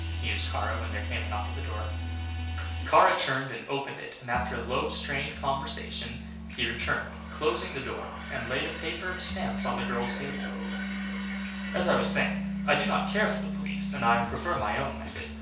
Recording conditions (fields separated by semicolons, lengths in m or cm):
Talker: one person; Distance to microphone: 3.0 m; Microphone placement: far; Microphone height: 1.8 m; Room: small (3.7 m by 2.7 m); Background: music